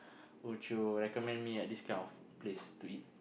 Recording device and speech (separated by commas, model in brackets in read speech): boundary microphone, conversation in the same room